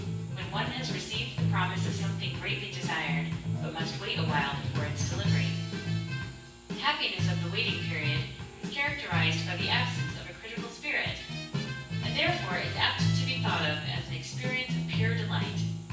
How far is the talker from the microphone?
9.8 m.